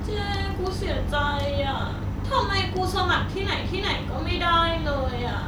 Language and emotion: Thai, sad